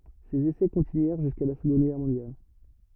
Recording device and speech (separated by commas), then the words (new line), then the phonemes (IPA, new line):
rigid in-ear microphone, read sentence
Ces essais continuèrent jusqu'à la Seconde Guerre mondiale.
sez esɛ kɔ̃tinyɛʁ ʒyska la səɡɔ̃d ɡɛʁ mɔ̃djal